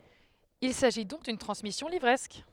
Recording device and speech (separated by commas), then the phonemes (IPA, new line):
headset microphone, read sentence
il saʒi dɔ̃k dyn tʁɑ̃smisjɔ̃ livʁɛsk